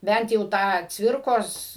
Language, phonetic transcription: Lithuanian, ˈbent jau ˈtą ˈcvirkos

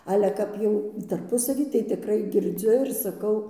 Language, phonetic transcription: Lithuanian, ˈale ˈkap jau tarˈpusavy tai tiˈkrai girˈdziu ir saˈkau

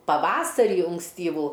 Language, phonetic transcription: Lithuanian, paˈvasarį unksˈtyvų

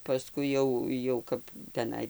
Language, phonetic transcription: Lithuanian, paˈskui jau jau ˈkap teˈnai

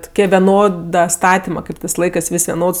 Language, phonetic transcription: Lithuanian, tuˈkie veˈnoda ˈstatima ˈkaip tɜs ˈlaikɜs ˈvis' veˈnods

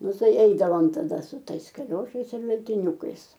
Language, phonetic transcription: Lithuanian, ˈnu ˈtai ˈeidavom taˈda su ˈtais kaˈliošais ir veltiˈniūkais

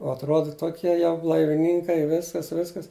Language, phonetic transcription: Lithuanian, o atˈroda ˈtokie jau blaiviˈnynkai ˈviskas ˈviskas

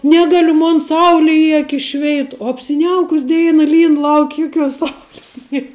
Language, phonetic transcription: Lithuanian, ˈnegaliu ˈmon ˈsauli i ˈakis ˈšveit o apsiˈniaukus ˈdeina ˈlyn ˈlauk' ˈjukiuos ˈsaulis ˈnie

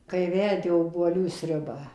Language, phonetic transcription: Lithuanian, kai ˈverdi obuoˈlių ˈsriubą

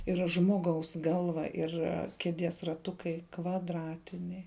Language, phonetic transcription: Lithuanian, ˈira ˈžmoˌgaus ˈgalva ir ˈkeˌdies raˈtukai kvadˈratiniai

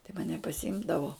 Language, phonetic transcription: Lithuanian, tai maˈne pasiˈimdavo

